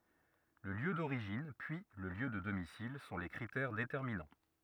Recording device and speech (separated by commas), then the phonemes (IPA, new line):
rigid in-ear microphone, read sentence
lə ljø doʁiʒin pyi lə ljø də domisil sɔ̃ le kʁitɛʁ detɛʁminɑ̃